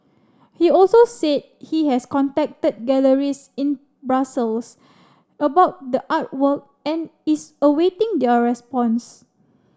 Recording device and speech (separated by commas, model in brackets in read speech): standing microphone (AKG C214), read sentence